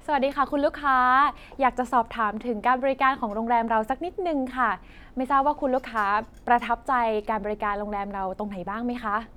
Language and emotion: Thai, happy